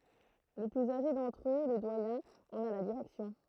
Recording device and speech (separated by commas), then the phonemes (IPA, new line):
throat microphone, read sentence
lə plyz aʒe dɑ̃tʁ ø lə dwajɛ̃ ɑ̃n a la diʁɛksjɔ̃